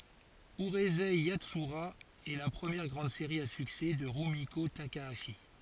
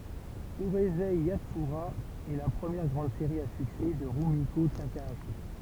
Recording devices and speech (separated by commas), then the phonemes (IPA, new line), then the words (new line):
forehead accelerometer, temple vibration pickup, read sentence
yʁyzɛ jatsyʁa ɛ la pʁəmjɛʁ ɡʁɑ̃d seʁi a syksɛ də ʁymiko takaaʃi
Urusei Yatsura est la première grande série à succès de Rumiko Takahashi.